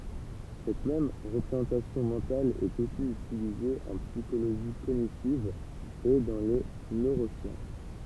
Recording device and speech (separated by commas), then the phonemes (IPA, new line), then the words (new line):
temple vibration pickup, read sentence
sɛt mɛm ʁəpʁezɑ̃tasjɔ̃ mɑ̃tal ɛt osi ytilize ɑ̃ psikoloʒi koɲitiv e dɑ̃ le nøʁosjɑ̃s
Cette même représentation mentale est aussi utilisée en psychologie cognitive et dans les neurosciences.